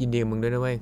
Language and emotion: Thai, neutral